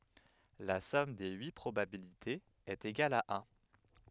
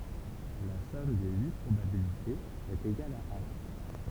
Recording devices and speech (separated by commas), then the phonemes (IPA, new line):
headset microphone, temple vibration pickup, read sentence
la sɔm de yi pʁobabilitez ɛt eɡal a œ̃